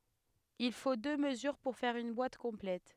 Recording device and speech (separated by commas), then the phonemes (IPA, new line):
headset microphone, read sentence
il fo dø məzyʁ puʁ fɛʁ yn bwat kɔ̃plɛt